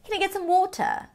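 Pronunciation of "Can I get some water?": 'Water' is said with a British accent: the t sounds closer to a regular t, and the r is not pronounced.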